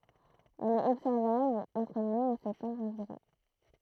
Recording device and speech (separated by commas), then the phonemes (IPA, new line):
throat microphone, read sentence
ɛl ɛt ɔbsɛʁvabl ɑ̃tʁ mɛ e sɛptɑ̃bʁ ɑ̃viʁɔ̃